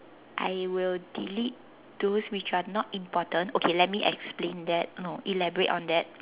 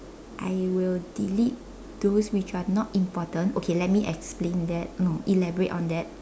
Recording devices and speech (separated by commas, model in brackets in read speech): telephone, standing microphone, conversation in separate rooms